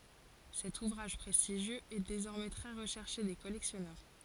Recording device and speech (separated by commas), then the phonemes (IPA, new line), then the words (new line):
forehead accelerometer, read sentence
sɛt uvʁaʒ pʁɛstiʒjøz ɛ dezɔʁmɛ tʁɛ ʁəʃɛʁʃe de kɔlɛksjɔnœʁ
Cet ouvrage prestigieux est désormais très recherché des collectionneurs.